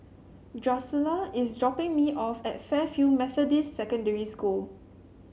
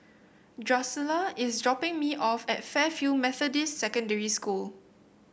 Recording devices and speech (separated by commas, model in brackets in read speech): mobile phone (Samsung C7), boundary microphone (BM630), read sentence